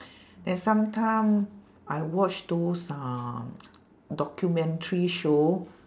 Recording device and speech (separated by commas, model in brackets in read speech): standing microphone, conversation in separate rooms